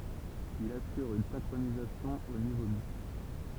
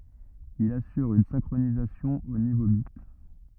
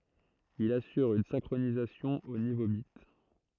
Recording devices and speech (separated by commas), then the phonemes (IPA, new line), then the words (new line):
temple vibration pickup, rigid in-ear microphone, throat microphone, read sentence
il asyʁ yn sɛ̃kʁonizasjɔ̃ o nivo bit
Il assure une synchronisation au niveau bit.